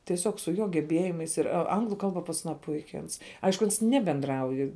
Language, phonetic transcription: Lithuanian, tieˈsiog su ˈjo geˈbėjimais ir a ˈanglu ˈkalba pas aˈną ˈpuiki ˈans ˈaišku ˈans ˈnebendrauj

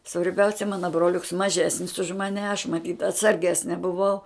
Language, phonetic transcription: Lithuanian, svarˈbiausia ˈmana broˈliuks maˈžesnis už maˈne aš maˈtyt atsarˈgesne buˈvau

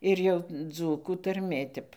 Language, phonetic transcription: Lithuanian, ˈir jau ˈdzūkų tarˈmė tep

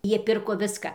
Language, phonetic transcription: Lithuanian, ˈjie ˈpirko ˈviska

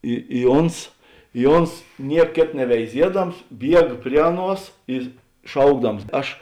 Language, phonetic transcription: Lithuanian, ˈi i ˈons i ˈons ˈniek ˈkėt neveiˈziedams ˈbieg ˈprie aˌnuos i ˈšaukdams ˈaš

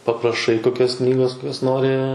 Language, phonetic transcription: Lithuanian, papraˈšai koˈkios ˈknygos koˈkios ˈnori

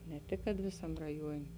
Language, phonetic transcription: Lithuanian, ne ˈtik kad ˈvėsam raˈjuonė

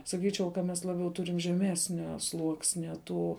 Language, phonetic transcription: Lithuanian, saˈkyčiau ka ˈmes laˈbiau ˈturim žeˈmesnio ˈsluoksnia ˈtų

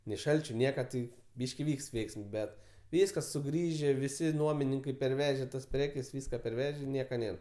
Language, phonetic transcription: Lithuanian, nei ˈšalčiu ˈnieka tai ˈbyški ˈvykst ˈveiksms ˈbet ˈvyskas suˈgrįžė ˈvisi ˈnuomininkai perˈveže tas ˈprekes ˈvyska perˈveže ˈnieka ˈnėr

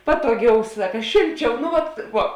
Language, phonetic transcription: Lithuanian, ˈpatoˌgiau ˈsaka ˈšėlˌčiau nu ˈvat ˈvuo

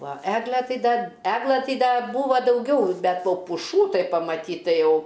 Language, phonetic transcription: Lithuanian, va ˈeglę ˈtai ˈda ˈeglɘ ˈtai ˈda ˈbūva dauˈgiau ˈbet ˈva puˈšų ˈtai pamaˈtyt tai ˈjau

